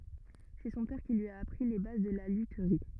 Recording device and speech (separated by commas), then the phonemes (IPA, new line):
rigid in-ear microphone, read sentence
sɛ sɔ̃ pɛʁ ki lyi a apʁi le baz də la lytʁi